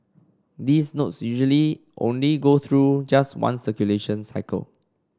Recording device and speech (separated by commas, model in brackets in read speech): standing microphone (AKG C214), read sentence